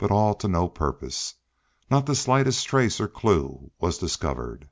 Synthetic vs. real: real